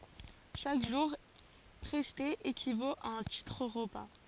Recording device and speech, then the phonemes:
forehead accelerometer, read sentence
ʃak ʒuʁ pʁɛste ekivot a œ̃ titʁ ʁəpa

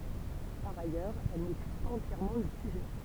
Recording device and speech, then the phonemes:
temple vibration pickup, read sentence
paʁ ajœʁz ɛl nepyiz paz ɑ̃tjɛʁmɑ̃ lə syʒɛ

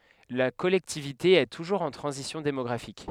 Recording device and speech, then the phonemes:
headset microphone, read sentence
la kɔlɛktivite ɛ tuʒuʁz ɑ̃ tʁɑ̃zisjɔ̃ demɔɡʁafik

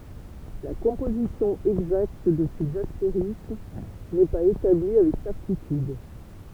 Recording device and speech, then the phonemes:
temple vibration pickup, read sentence
la kɔ̃pozisjɔ̃ ɛɡzakt də sez asteʁism nɛ paz etabli avɛk sɛʁtityd

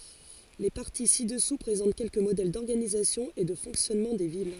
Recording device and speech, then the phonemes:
forehead accelerometer, read sentence
le paʁti si dəsu pʁezɑ̃t kɛlkə modɛl dɔʁɡanizasjɔ̃ e də fɔ̃ksjɔnmɑ̃ de vil

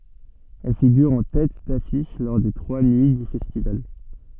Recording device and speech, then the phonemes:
soft in-ear microphone, read sentence
ɛl fiɡyʁ ɑ̃ tɛt dafiʃ lɔʁ de tʁwa nyi dy fɛstival

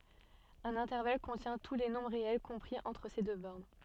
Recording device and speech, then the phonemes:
soft in-ear microphone, read sentence
œ̃n ɛ̃tɛʁval kɔ̃tjɛ̃ tu le nɔ̃bʁ ʁeɛl kɔ̃pʁi ɑ̃tʁ se dø bɔʁn

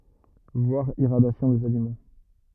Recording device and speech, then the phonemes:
rigid in-ear microphone, read sentence
vwaʁ iʁadjasjɔ̃ dez alimɑ̃

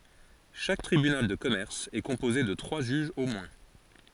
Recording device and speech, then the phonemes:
forehead accelerometer, read sentence
ʃak tʁibynal də kɔmɛʁs ɛ kɔ̃poze də tʁwa ʒyʒz o mwɛ̃

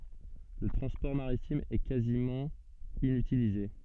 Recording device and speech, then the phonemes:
soft in-ear microphone, read sentence
lə tʁɑ̃spɔʁ maʁitim ɛ kazimɑ̃ inytilize

